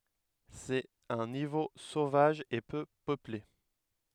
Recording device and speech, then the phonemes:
headset microphone, read sentence
sɛt œ̃ nivo sovaʒ e pø pøple

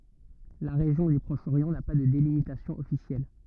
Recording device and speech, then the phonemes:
rigid in-ear microphone, read sentence
la ʁeʒjɔ̃ dy pʁɔʃ oʁjɑ̃ na pa də delimitasjɔ̃ ɔfisjɛl

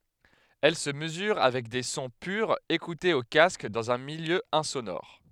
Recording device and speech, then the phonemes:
headset microphone, read sentence
ɛl sə məzyʁ avɛk de sɔ̃ pyʁz ekutez o kask dɑ̃z œ̃ miljø ɛ̃sonɔʁ

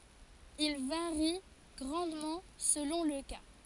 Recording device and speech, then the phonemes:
forehead accelerometer, read sentence
il vaʁi ɡʁɑ̃dmɑ̃ səlɔ̃ lə ka

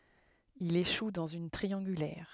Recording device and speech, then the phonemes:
headset microphone, read sentence
il eʃu dɑ̃z yn tʁiɑ̃ɡylɛʁ

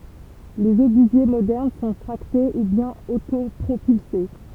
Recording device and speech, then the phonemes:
temple vibration pickup, read sentence
lez obyzje modɛʁn sɔ̃ tʁakte u bjɛ̃n otopʁopylse

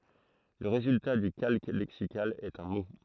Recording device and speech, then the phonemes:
throat microphone, read sentence
lə ʁezylta dy kalk lɛksikal ɛt œ̃ mo

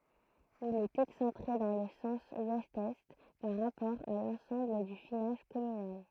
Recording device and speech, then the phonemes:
throat microphone, read sentence
il ɛt ɛksɑ̃tʁe dɑ̃ lə sɑ̃s wɛst ɛ paʁ ʁapɔʁ a lɑ̃sɑ̃bl dy finaʒ kɔmynal

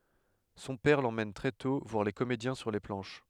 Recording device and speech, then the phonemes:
headset microphone, read sentence
sɔ̃ pɛʁ lemɛn tʁɛ tɔ̃ vwaʁ le komedjɛ̃ syʁ le plɑ̃ʃ

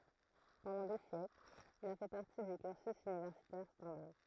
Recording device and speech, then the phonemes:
throat microphone, read sentence
pɑ̃dɑ̃ de sjɛklz il a fɛ paʁti dy kyʁsy ynivɛʁsitɛʁ stɑ̃daʁ

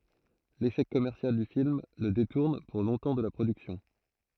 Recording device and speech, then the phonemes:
throat microphone, read sentence
leʃɛk kɔmɛʁsjal dy film lə detuʁn puʁ lɔ̃tɑ̃ də la pʁodyksjɔ̃

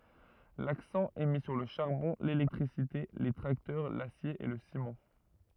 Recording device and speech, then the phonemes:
rigid in-ear microphone, read sentence
laksɑ̃ ɛ mi syʁ lə ʃaʁbɔ̃ lelɛktʁisite le tʁaktœʁ lasje e lə simɑ̃

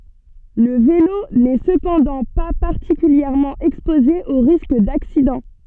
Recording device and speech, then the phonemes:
soft in-ear microphone, read sentence
lə velo nɛ səpɑ̃dɑ̃ pa paʁtikyljɛʁmɑ̃ ɛkspoze o ʁisk daksidɑ̃

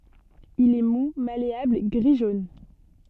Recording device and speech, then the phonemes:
soft in-ear microphone, read sentence
il ɛ mu maleabl ɡʁi ʒon

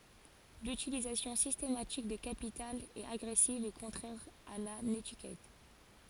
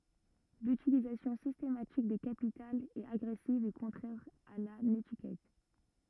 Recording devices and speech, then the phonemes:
forehead accelerometer, rigid in-ear microphone, read sentence
lytilizasjɔ̃ sistematik de kapitalz ɛt aɡʁɛsiv e kɔ̃tʁɛʁ a la netikɛt

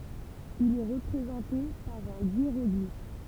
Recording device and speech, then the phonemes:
temple vibration pickup, read sentence
il ɛ ʁəpʁezɑ̃te paʁ œ̃ jeʁɔɡlif

